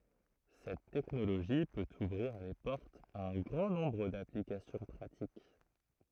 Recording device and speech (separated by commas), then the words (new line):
throat microphone, read sentence
Cette technologie peut ouvrir les portes à un grand nombre d’applications pratiques.